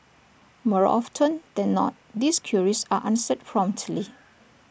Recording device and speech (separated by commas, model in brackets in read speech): boundary microphone (BM630), read sentence